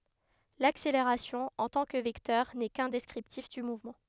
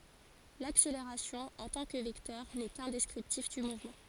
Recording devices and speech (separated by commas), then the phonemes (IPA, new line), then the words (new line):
headset microphone, forehead accelerometer, read sentence
lakseleʁasjɔ̃ ɑ̃ tɑ̃ kə vɛktœʁ nɛ kœ̃ dɛskʁiptif dy muvmɑ̃
L'accélération, en tant que vecteur, n'est qu'un descriptif du mouvement.